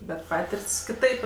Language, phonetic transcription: Lithuanian, bet ˈpatirt's' kiˈtaip

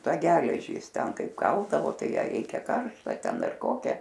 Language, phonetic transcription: Lithuanian, ˈtą ˈgeležį ˈjis ˈten ˈkaip ˈkaldavo ˈtai ˈją ˈreikia ˈkaršta ˈten ˈdar ˈkokią

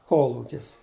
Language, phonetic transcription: Lithuanian, ˈkolūkis

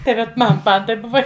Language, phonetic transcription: Lithuanian, tai ˈvat ˈman ˈman taip ˈbuva

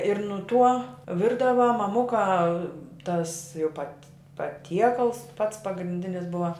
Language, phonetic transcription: Lithuanian, ir nu tuo ˈvirdava maˈmuka tas jau pat' paˈtiekals pats pagrinˈdinis ˈbuva

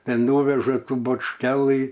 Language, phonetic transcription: Lithuanian, ˈten ˈnūveža ˈtų bačˈkelɨ

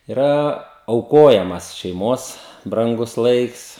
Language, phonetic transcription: Lithuanian, iˈra auˈkojamas šeiˈmos branˈgus ˈlaiks

